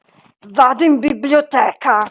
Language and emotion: Italian, angry